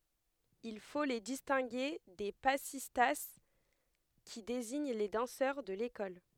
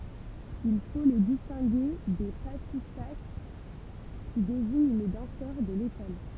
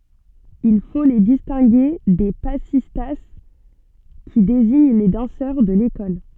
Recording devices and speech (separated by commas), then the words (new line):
headset microphone, temple vibration pickup, soft in-ear microphone, read sentence
Il faut les distinguer des passistas, qui désignent les danseurs de l'école.